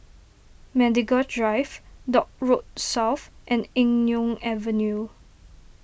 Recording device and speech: boundary microphone (BM630), read sentence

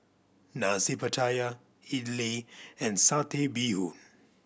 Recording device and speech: boundary microphone (BM630), read sentence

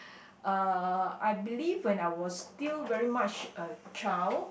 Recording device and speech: boundary microphone, conversation in the same room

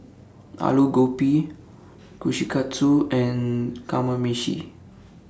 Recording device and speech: standing microphone (AKG C214), read sentence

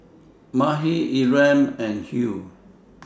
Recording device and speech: standing microphone (AKG C214), read sentence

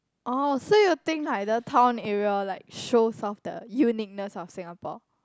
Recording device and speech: close-talking microphone, conversation in the same room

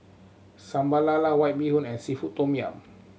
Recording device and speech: mobile phone (Samsung C7100), read sentence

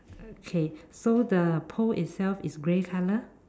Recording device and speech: standing microphone, conversation in separate rooms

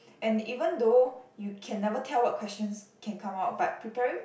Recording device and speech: boundary microphone, conversation in the same room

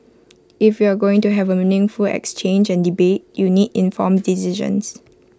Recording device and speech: close-talking microphone (WH20), read sentence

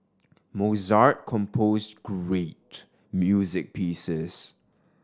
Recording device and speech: standing microphone (AKG C214), read sentence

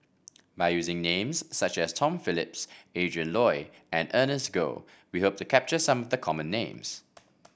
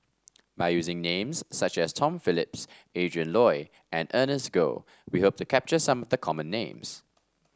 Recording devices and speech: boundary microphone (BM630), standing microphone (AKG C214), read sentence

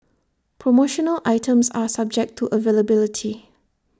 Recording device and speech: standing microphone (AKG C214), read sentence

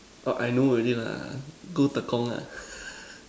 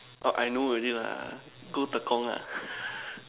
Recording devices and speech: standing microphone, telephone, conversation in separate rooms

